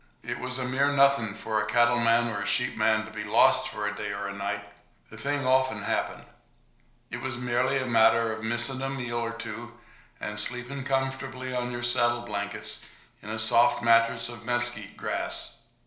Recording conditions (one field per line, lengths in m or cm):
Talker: one person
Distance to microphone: 1.0 m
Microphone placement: close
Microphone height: 1.1 m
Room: small (3.7 m by 2.7 m)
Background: none